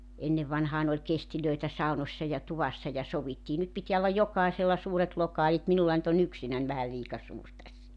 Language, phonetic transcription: Finnish, 'ennevvanhaan ‿oĺ 'kestilöi̬tä 'sau̬nossa ja 'tuvassa ja 'sovittii 'nyt pitiä ollaj 'jokàisella 'suuret 'lokaalit 'minulla nʸt ‿o"n ‿yksinän vähä 'liika 'suur tässä .
- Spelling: ennen vanhaan oli kestejä saunoissa ja tuvassa ja sovittiin nyt pitää olla jokaisella suuret lokaalit minulla nyt on yksinäni vähän liika suuri tässä

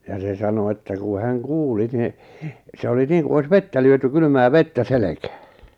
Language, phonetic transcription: Finnish, ja se sano että ku 'häŋ "kuuli ni , 'se oli 'niiŋku 'ois "vettä lyöty 'kylʸmää "vettä "selekᴀ̈ᴀ̈ .
- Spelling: ja se sanoi että kun hän kuuli niin se oli niin kuin olisi vettä lyöty kylmää vettä selkään

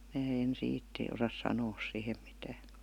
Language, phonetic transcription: Finnish, 'mää en "siit ti- osas "sanoo sìhem mitää .
- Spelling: minä en siitä - osaa sanoa siihen mitään

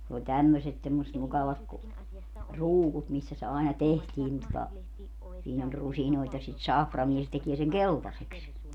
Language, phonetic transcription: Finnish, ne oĺ 'tämmöset semmośet 'mukavat ku , "ruukut missä se àena "tehtii nin tota , siin ‿oĺ 'rusinoit ja sit "saframie se 'tekie seŋ "keltaseks .
- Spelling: ne oli tämmöiset semmoiset mukavat kun ruukut missä se aina tehtiin niin tuota siinä oli rusinoita ja sitä saframia se tekee sen keltaiseksi

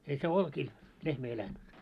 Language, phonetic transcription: Finnish, ei se 'olkiil , 'lehmä elänt .
- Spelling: ei se oljilla lehmä elänyt

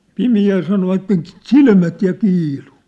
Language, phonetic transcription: Finnish, 'pimi₍äl sanovatten , 'ᵗsilmät ja 'kiilu .
- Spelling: pimeällä sanoivat silmät ja kiilui

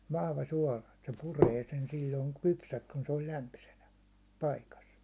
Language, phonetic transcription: Finnish, vahva suåla , Et se 'puree sen sil̜l̜oiŋ 'kypsäks kun se ol 'lämpysenä , 'paikas .
- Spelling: vahva suola että se puree sen silloin kypsäksi kun se on lämpöisenä paikassa

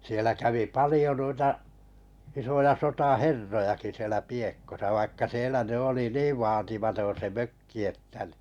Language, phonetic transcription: Finnish, sielä kävi 'palijo nuita , isoja 'sota"herrojaki sielä 'Piekkosa vaikka 'sielä 'ny 'oli "niiv 'vaatimaton̬ se "mökki että n(ɪ) .
- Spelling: siellä kävi paljon noita isoja sotaherrojakin siellä Piekossa vaikka siellä nyt oli niin vaatimaton se mökki että niin

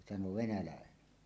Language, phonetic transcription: Finnish, 'sano "venälä̀enen .
- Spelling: sanoi venäläinen

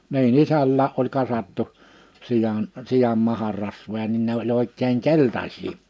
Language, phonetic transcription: Finnish, ni̬i'n ‿isällää’ ’oĺ kasattu , 'sijan , 'sijam 'maharrasvoja nin 'ne ‿oĺ ‿òik̆keeŋ "keltaśii .
- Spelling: niin isälläkin oli kasattu sian sian maharasvoja niin ne oli oikein keltaisia

